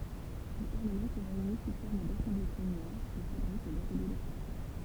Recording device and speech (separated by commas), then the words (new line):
temple vibration pickup, read sentence
Le Parlement se réunit sous forme d’assemblées plénières, de fabriques et d’ateliers de travail.